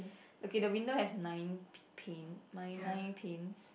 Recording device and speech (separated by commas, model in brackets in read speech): boundary microphone, conversation in the same room